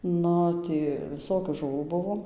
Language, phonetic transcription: Lithuanian, ˈnu ˈtį viˈsokių žuˈvų ˈbuvo

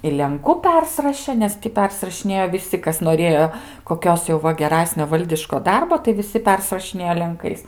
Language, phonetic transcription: Lithuanian, i lenˈku ˈpersirašė ˈnes ti ˈpersirašinėjo viˈsi ˈkas noˈrėjo koˈkios jau ˈva geˈrasnio ˈvaldiško ˈdarbo tai viˈsi ˈpersrašinėjo lenˈkais

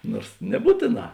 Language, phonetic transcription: Lithuanian, ˈnors neˈbūtėˌnā

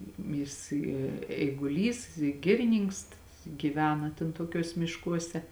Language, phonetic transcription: Lithuanian, ˈjis i eiguˈlys i ˈgiriˈnynks gyˈvena ten toˈkiuos mišˈkuose

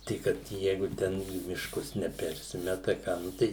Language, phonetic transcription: Lithuanian, tai ˈkad ˈjeigu ˈten į mišˈkus neˈpersimeta ˈką nu ˈtai

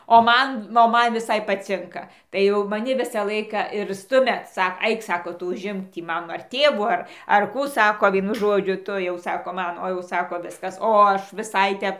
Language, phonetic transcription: Lithuanian, o ˈman o ˈman viˈsai paˈcinka tai ˈjau maˈni ˈvisą ˈlaiką ir ˈstumia ˈsak ˈaik ˈsako ˈtu užˈimk ˈtį ˈman ar ˈtėvų ˈar ar ˈkų ˈsako ˈvienu ˈžodžiu ˈtu jau ˈsako ˈman o jau ˈsako ˈviskas o ˈaš viˈsai ˈtep

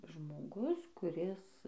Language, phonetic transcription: Lithuanian, žmoˈgus kuˈris

